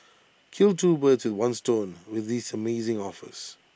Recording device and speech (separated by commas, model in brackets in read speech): boundary microphone (BM630), read sentence